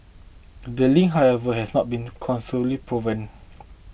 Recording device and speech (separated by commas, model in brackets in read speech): boundary microphone (BM630), read sentence